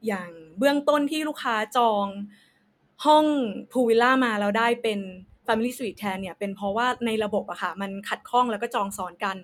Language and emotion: Thai, neutral